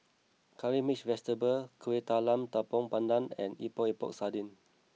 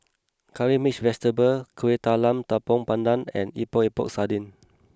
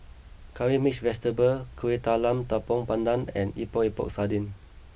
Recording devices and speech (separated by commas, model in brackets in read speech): mobile phone (iPhone 6), close-talking microphone (WH20), boundary microphone (BM630), read sentence